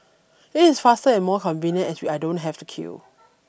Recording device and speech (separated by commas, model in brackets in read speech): boundary microphone (BM630), read sentence